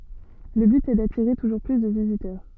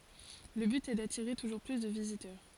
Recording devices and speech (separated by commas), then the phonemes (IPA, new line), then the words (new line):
soft in-ear microphone, forehead accelerometer, read sentence
lə byt ɛ datiʁe tuʒuʁ ply də vizitœʁ
Le but est d'attirer toujours plus de visiteurs.